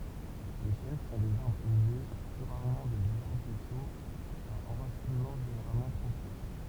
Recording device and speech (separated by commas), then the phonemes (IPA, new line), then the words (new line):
temple vibration pickup, read sentence
le ʃɛn sɔ̃ dez aʁbʁz elve ply ʁaʁmɑ̃ dez aʁbʁisoz a ɑ̃ʁasinmɑ̃ ʒeneʁalmɑ̃ pʁofɔ̃
Les chênes sont des arbres élevés, plus rarement des arbrisseaux, à enracinement généralement profond.